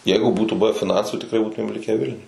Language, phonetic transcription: Lithuanian, ˈjeigu ˈbūtų ˈbuve fiˈnansų tikˈrai ˈbūtumėm ˈlikę ˈvilniuj

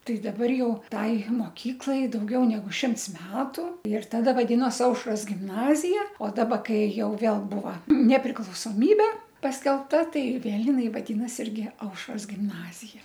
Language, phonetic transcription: Lithuanian, ˈtai daˈbar ˈjau ˈtai moˈkyklai dauˈgiau neˈgu ˈšimts ˈmetu ir taˈda vaˈdinos ˈaušros gimˈnazija o ˈdaba ˈkai ˈjau ˈvėl ˈbūva nepriklausoˈmybe paskelbˈta ˈtai ˈvėl jiˈnai vaˈdynas ˈirgi ˈaušros gimˈnazija

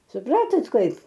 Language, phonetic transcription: Lithuanian, suˈpratot ˈkaip

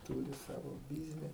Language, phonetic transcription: Lithuanian, ˈtūri ˈsavo ˈbizni

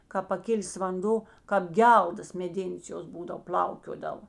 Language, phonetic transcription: Lithuanian, kāp paˈkilės vanˈdo kap ˈgeldas meˈdėnės ˈjos ˈbūdav pl'aukiodavo

